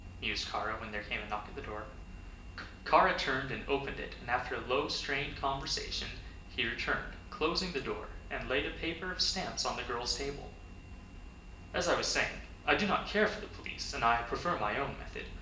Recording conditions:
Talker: one person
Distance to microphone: 1.8 m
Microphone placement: close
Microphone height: 1.0 m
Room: large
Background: none

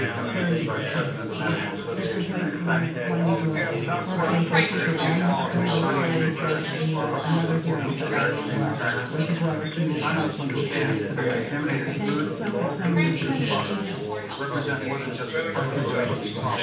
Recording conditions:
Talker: one person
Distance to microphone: 9.8 m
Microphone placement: far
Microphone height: 1.8 m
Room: large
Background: babble

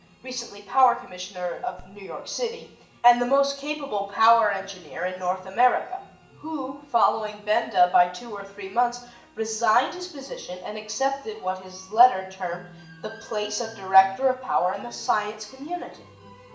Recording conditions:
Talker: one person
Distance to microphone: 1.8 m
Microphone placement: close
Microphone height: 1.0 m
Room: large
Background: music

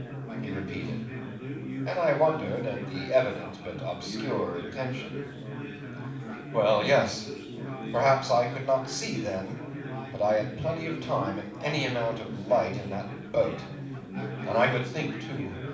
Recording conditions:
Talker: one person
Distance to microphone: 5.8 m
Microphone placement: far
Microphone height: 1.8 m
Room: medium-sized (5.7 m by 4.0 m)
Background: babble

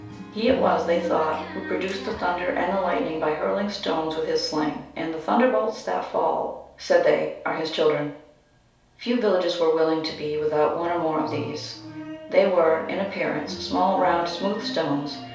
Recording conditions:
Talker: one person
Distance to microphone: 3.0 m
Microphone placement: far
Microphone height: 1.8 m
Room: small (3.7 m by 2.7 m)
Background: music

